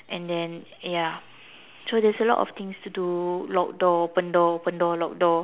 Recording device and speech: telephone, conversation in separate rooms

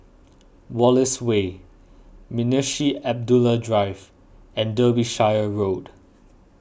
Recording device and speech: boundary microphone (BM630), read sentence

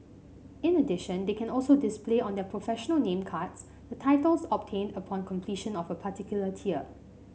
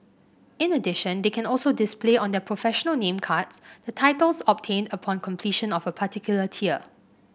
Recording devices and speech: mobile phone (Samsung C5), boundary microphone (BM630), read sentence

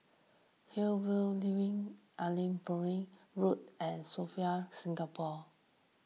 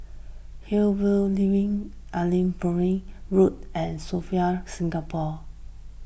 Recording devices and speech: mobile phone (iPhone 6), boundary microphone (BM630), read sentence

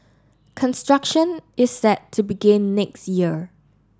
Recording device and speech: standing microphone (AKG C214), read sentence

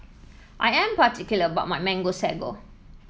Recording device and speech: mobile phone (iPhone 7), read sentence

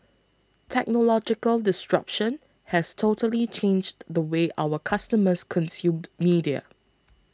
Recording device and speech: close-talking microphone (WH20), read sentence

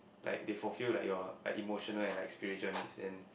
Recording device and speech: boundary microphone, conversation in the same room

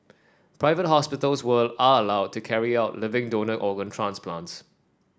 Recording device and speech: standing microphone (AKG C214), read sentence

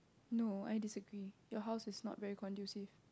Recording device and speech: close-talking microphone, conversation in the same room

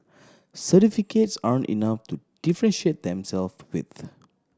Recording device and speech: standing microphone (AKG C214), read sentence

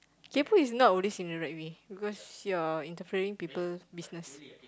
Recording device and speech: close-talking microphone, conversation in the same room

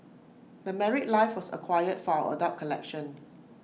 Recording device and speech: mobile phone (iPhone 6), read sentence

